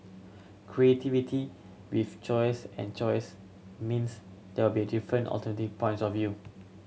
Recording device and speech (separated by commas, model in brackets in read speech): mobile phone (Samsung C7100), read sentence